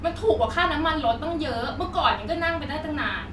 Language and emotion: Thai, angry